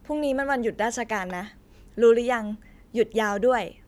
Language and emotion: Thai, neutral